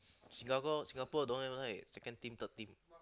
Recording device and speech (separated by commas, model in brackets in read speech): close-talking microphone, conversation in the same room